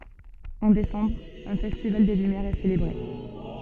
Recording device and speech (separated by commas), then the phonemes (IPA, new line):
soft in-ear microphone, read sentence
ɑ̃ desɑ̃bʁ œ̃ fɛstival de lymjɛʁz ɛ selebʁe